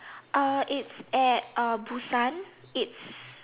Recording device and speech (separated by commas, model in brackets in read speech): telephone, conversation in separate rooms